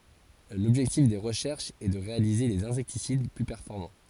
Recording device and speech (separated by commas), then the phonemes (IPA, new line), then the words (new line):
forehead accelerometer, read sentence
lɔbʒɛktif de ʁəʃɛʁʃz ɛ də ʁealize dez ɛ̃sɛktisid ply pɛʁfɔʁmɑ̃
L'objectif des recherches est de réaliser des insecticides plus performants.